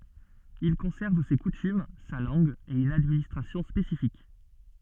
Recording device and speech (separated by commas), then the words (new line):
soft in-ear microphone, read sentence
Il conserve ses coutumes, sa langue et une administration spécifique.